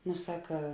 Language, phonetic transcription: Lithuanian, nu ˈsaka

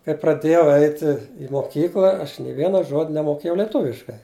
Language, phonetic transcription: Lithuanian, kai praˈdėjau ˈeiti i moˈkykla aš nė ˈviena ˈžod' nemoˈkėjau leˈtuviškai

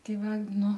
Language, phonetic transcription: Lithuanian, ˈtei ˈva ˈnu

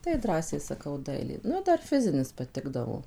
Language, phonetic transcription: Lithuanian, tai ˈdrąsiai saˈkau ˈdailė ˈnu ˈdar ˈfizinis paˈtikdavo

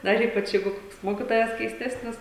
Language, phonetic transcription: Lithuanian, dar ˈypač ˈjeigu ˈkoks ˈmokitojas keisˈtesnis

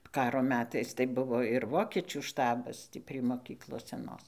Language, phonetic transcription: Lithuanian, ˈkaro ˈmetais tai ˈbuvo ir ˈvokečių ˈštabas ˈtį prie moˈkyklos seˈnos

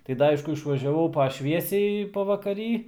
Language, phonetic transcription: Lithuanian, tai ˈda ˈaišku išvažiaˈvau pa ˈšviesiai pavakaˈry

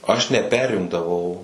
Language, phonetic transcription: Lithuanian, aš neˈperimdavau

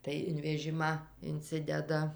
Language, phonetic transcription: Lithuanian, tai in veˈžimą inˈcideda

